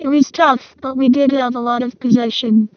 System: VC, vocoder